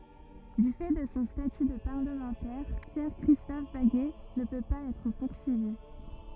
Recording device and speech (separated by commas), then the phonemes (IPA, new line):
rigid in-ear microphone, read sentence
dy fɛ də sɔ̃ staty də paʁləmɑ̃tɛʁ pjɛʁ kʁistɔf baɡɛ nə pø paz ɛtʁ puʁsyivi